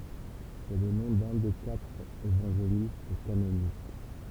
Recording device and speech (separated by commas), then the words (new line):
temple vibration pickup, read sentence
C'est le nom d'un des quatre évangélistes canoniques.